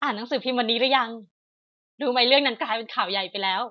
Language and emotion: Thai, happy